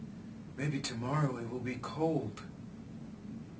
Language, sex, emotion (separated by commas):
English, male, fearful